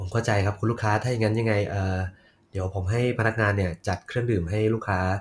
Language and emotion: Thai, neutral